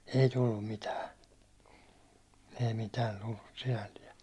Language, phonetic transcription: Finnish, 'ei tullum mitää , ei mitään̬ tullus sinälliɛ .
- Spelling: ei tullut mitään ei mitään tullut sinällään

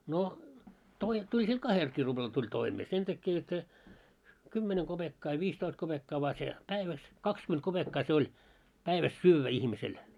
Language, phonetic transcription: Finnish, no , toi- , 'tuĺ sil "kahelkii 'ruʙlal tuĺ 'toimee , 'sen täkke jot se , 'kymmeneŋ ɢoʙekkaa ja 'viistoist koʙekkaa vaa se , 'päiväs , 'kakskyment 'koʙekkaa se oĺ , 'päiväs "syyvvä 'ihmisel .
- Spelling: no - tuli sillä kahdellakin ruplalla tuli toimeen sen takia jotta se kymmenen kopeekkaa ja viisitoista kopeekkaa vain se päivässä kaksikymmentä kopeekkaa se oli päivässä syödä ihmisellä

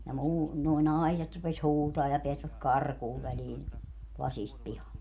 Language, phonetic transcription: Finnish, ja 'muu- , nuo "nai̮set rupes "huutaa ja 'peäsväk "karkuuv väliin , 'lasist 'pihalle .
- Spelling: ja - nuo naiset rupesi huutamaan ja pääsivät karkuun väliin lasista pihalle

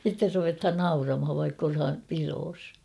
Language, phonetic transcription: Finnish, sitter ruvethan "nauramhav vaikk ‿olham 'piroos .
- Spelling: sitten ruvetaan nauramaan vaikka ollaan pidossa

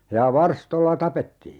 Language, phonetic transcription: Finnish, 'ja "varstolla 'tapettii .
- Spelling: ja varstoilla tapettiin

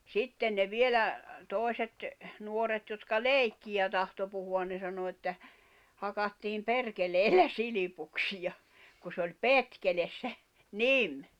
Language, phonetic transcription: Finnish, sitten ne 'vielä , 'tòi̬set , 'nuoret jotka "lèikkiʲä tahto puhu₍an ne sano että , » 'hakattiim 'perkeleellä 'silipuksija « , ku s ‿oĺ "petkeles se , "nim .
- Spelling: sitten ne vielä toiset nuoret jotka leikkiä tahtoi puhua ne sanoi että hakattiin perkeleellä silpuksia kuin se oli petkele se nimi

